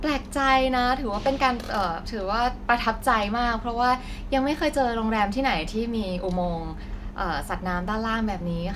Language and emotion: Thai, happy